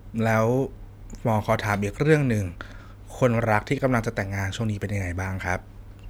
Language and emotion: Thai, neutral